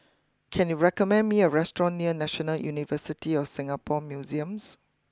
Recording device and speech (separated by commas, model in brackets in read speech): close-talking microphone (WH20), read sentence